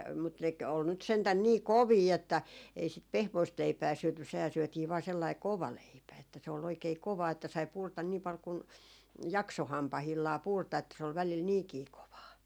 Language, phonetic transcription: Finnish, mut nek , ol nyt sentän nii "kovii että , ei sit "pehmoist 'leipää 'syöty sehää syötii vaa sellai "kova 'leipä että se ol oikei 'kovaa että sai 'purta nii pal kun , "jakso 'hampahillaa 'purta että se ol välil 'niikii 'kovaa .
- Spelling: mutta ne oli nyt sentään niin kovia että ei sitä pehmoista leipää syöty sehän syötiin vain sellainen kova leipä että se oli oikein kovaa että sai purra niin paljon kuin jaksoi hampaillaan purra että se oli välillä niinkin kovaa

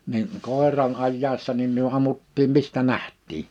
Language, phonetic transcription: Finnish, ni(n) , 'kòeran 'ajjaessa nim myö 'ammuttiim 'mistä 'nähttii .
- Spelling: niin koiran ajaessa niin me ammuttiin mistä nähtiin

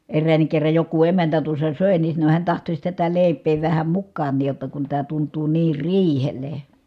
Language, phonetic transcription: Finnish, erräännik kerraj joku emäntä tuossa sö̀e ni sano hiän tahtoś tätä lèi̮p̀ee vähä mukkaan̆niij jotta kun tää tunt̀uu niir riihel̀e .
- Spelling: eräänkin kerran joku emäntä tuossa söi niin sanoi hän tahtoisi tätä leipää vähän mukaankin jotta kun tämä tuntuu niin riihelle

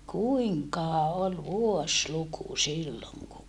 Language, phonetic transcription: Finnish, kuiŋkaha ol vuosluku silloŋ ku ,.
- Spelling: kuinkahan oli vuosiluku silloin kun

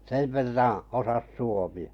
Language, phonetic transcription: Finnish, sev 'verraa̰ , osas "suomi₍ᴀ . - - -
- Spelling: sen verran osasi suomea -

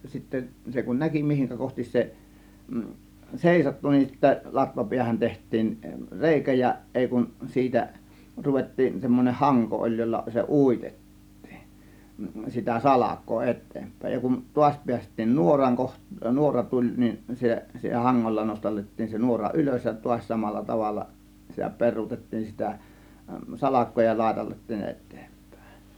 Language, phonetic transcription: Finnish, 'sittä se kun "näki 'mihiŋkä kohtis se , "sèisottu nin sittä , 'latvapiähän 'teht̆tiin , "rèikä ja , 'ˀèi kun 'siitä , 'ruvet̀tiin , 'semmon͕eh "haŋko ˀoĺ jolla se "ùitet̀tII , sitä "salak̆koo "et̆teempä̀ėj ja kun , 'tuaś piäst̆tiin 'nuoraŋ koh- , "nuora 'tuĺ nin , se 'haŋŋolla 'nostallet̀tiin se 'nuora "ˀylös ja tuaś 'samalla tavalla , sitä 'per̆ruutettiin sitä "salak̆koo ja 'làėtallettiin "et̆tEEMp̀Ä̀e̬ .
- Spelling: sitten se kun näki mihin kohti se seisahtui niin sitten latvapäähän tehtiin reikä ja ei kun siitä ruvettiin semmoinen hanko oli jolla se uitettiin sitä salkoa eteenpäin ja kun taas päästiin nuoran - nuora tuli niin se hangolla nostateltiin se nuora ylös ja taas samalla tavalla sitä peruutettiin sitä salkoa ja laiteltiin eteenpäin

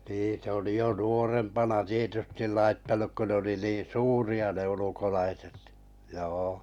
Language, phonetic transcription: Finnish, nii se oli 'jo 'nuorempana 'tietystil 'laittanuk ko ne ‿oli 'niin "suuri₍a ne 'ulukolaiset , joo .
- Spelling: niin se oli jo nuorempana tietysti laittanut kun ne oli niin suuria ne ulkolaiset joo

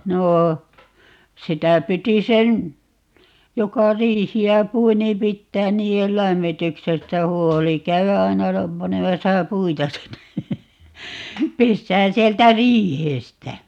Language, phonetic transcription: Finnish, 'noo , 'sitä 'piti 'sen , 'joka 'riihi₍ä "pui niim 'pittään "nii₍el "lämmityksestä 'huoli , 'käy₍ä 'ai̮na , 'panemasa "puita sinne , 'pessään 'sieltä "riihestä .
- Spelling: no sitä piti sen joka riihtä pui niin pitää niiden lämmityksestä huoli käydä aina panemassa puita sinne pesään sieltä riihestä

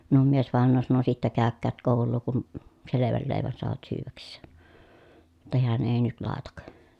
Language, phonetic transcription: Finnish, minum miesvàen̆noo sano » sittä kä̀ökkäät kòul̆luu kun , seleväl lèi̮vän soavat syyväks̀een » , [jot]ta heän èi nyt làetak .
- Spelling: minun miesvainaja sanoi sitten käykööt koulua kun selvän leivän saavat syödäkseen jotta hän ei nyt laita

